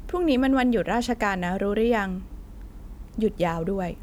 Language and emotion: Thai, neutral